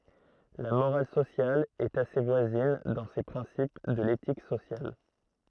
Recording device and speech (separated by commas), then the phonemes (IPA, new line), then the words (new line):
throat microphone, read sentence
la moʁal sosjal ɛt ase vwazin dɑ̃ se pʁɛ̃sip də letik sosjal
La morale sociale est assez voisine dans ses principes de l'éthique sociale.